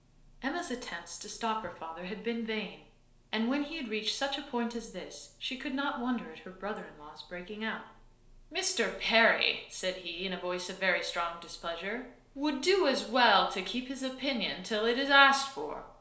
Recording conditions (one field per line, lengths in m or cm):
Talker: one person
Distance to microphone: 1.0 m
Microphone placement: close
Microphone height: 1.1 m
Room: small (3.7 m by 2.7 m)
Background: none